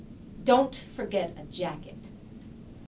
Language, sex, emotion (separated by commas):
English, female, angry